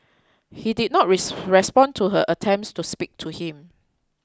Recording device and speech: close-talking microphone (WH20), read sentence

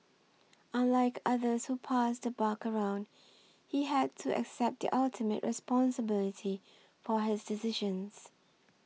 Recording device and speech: mobile phone (iPhone 6), read sentence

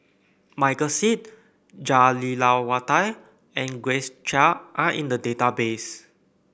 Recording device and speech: boundary microphone (BM630), read sentence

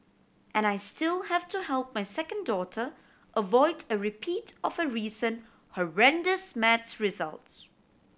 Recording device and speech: boundary microphone (BM630), read sentence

